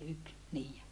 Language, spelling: Finnish, yksi niin
- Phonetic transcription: yk , nii .

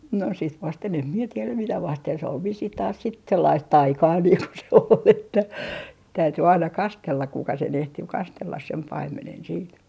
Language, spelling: Finnish, no sitä vasten en minä tiedä mitä vasten se oli vissiin taas sitten sellaista taikaa niin kuin se oli että täytyi aina kastella kuka sen ehti kastella sen paimenen sitten
- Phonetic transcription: no sit 'vaste"n ‿em mie 'tieläm mitä vasten sᵉ ‿ol 'vissih taas sit 'sellaist "taikaa niiŋ ko se ol että täyty aina "kastellak kuka sen ehti 'kastellas sem 'paimmenen siit .

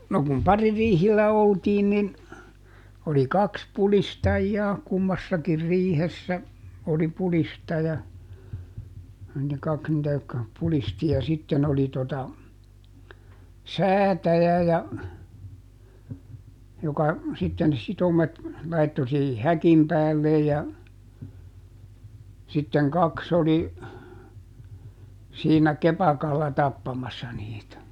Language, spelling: Finnish, no kun paririihillä oltiin niin oli kaksi pudistajaa kummassakin riihessä oli pudistaja oli kaksi niitä jotka pudisti ja sitten oli tuota säätäjä ja joka sitten sitomet laittoi siihen häkin päälle ja sitten kaksi oli siinä kepakolla tappamassa niitä
- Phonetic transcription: no kum "paririihillä ˈoltiin nin , oli ˈkaks "pulistajjaa , ˈkummassakir ˈriihessä , oli ˈpulistaja , (oli kaks) nⁱtä jokka , ˈpulisti ja ˈsitten oli tota , "säätäjä ja , joka , sitten , ˈsitomet , ˈlaitto siihi "häkim päällej ja , sitteŋ ˈkaks ‿oli , siinä "kepakalla "tappamassa ˈniitä .

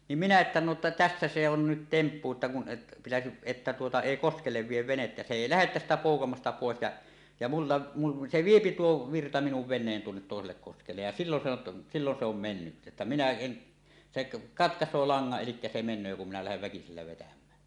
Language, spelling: Finnish, niin minä että no tässä se on nyt temppu että kun pitäisi että tuota ei koskelle vie venettä se ei lähde tästä poukamasta pois ja ja minulla - se vie tuo virta minun veneen tuonne toiselle koskelle ja silloin se on silloin se on mennyttä että minä en se katkaisee langan eli se menee kun minä lähden väkisin vetämään
- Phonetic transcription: nim 'minä 'että no "tässä se on nyt "temppu 'että kun , 'pitäsiˀ "ˀettä tuota "èi 'koskellev viev venettä 'se "èi "lähet tästä pòukamasta 'pòes ja , ja 'mulla , mul- , 'se "viepi tuo , "virta minuv 'ven̆neen tuonnet tòesellek koskellej ja "sillon se ‿on , sillon se ‿om "mennyttä että 'minä "en , 'seˀ , "katkas̆soo "laŋŋaˀ 'ˀelikkä se men̆nöö kum minä lähev 'väkisellä 'vetäm̀än .

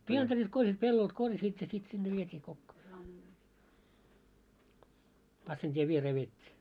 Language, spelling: Finnish, pientareelta korjasi pellolta korjasivat ja sitten sinne vietiin kokoon masiinatien viereen vedettiin
- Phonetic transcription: 'pientareelt korjas 'pellolt 'korjasiit ja sit sinne 'viet́ii kokkoo , 'massint́iev 'vieroo veet́t́ii .

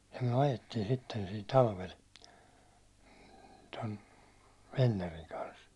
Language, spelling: Finnish, ja me ajettiin sitten siinä talvella tuon Vennerin kanssa
- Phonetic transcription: ja 'myäₒ 'ajettiin sitten siin 'talvel , ton , 'Venneriŋ kans .

